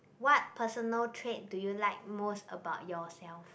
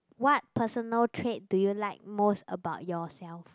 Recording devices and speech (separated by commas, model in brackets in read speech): boundary microphone, close-talking microphone, conversation in the same room